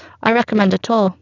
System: VC, spectral filtering